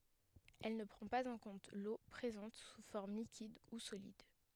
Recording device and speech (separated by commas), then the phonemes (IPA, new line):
headset microphone, read sentence
ɛl nə pʁɑ̃ paz ɑ̃ kɔ̃t lo pʁezɑ̃t su fɔʁm likid u solid